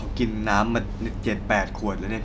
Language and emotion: Thai, neutral